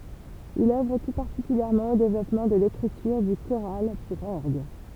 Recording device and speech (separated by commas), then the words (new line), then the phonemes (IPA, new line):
temple vibration pickup, read sentence
Il œuvre tout particulièrement au développement de l'écriture du choral pour orgue.
il œvʁ tu paʁtikyljɛʁmɑ̃ o devlɔpmɑ̃ də lekʁityʁ dy koʁal puʁ ɔʁɡ